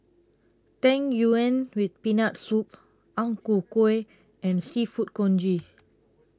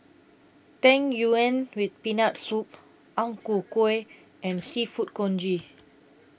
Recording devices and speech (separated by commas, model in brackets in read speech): close-talking microphone (WH20), boundary microphone (BM630), read sentence